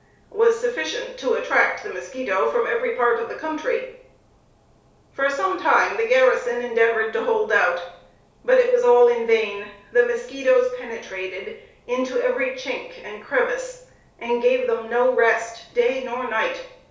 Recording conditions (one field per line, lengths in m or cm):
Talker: one person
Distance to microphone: 3.0 m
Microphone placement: far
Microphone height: 1.8 m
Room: small (3.7 m by 2.7 m)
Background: none